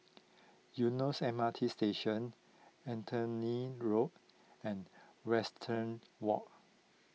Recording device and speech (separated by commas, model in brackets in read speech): mobile phone (iPhone 6), read sentence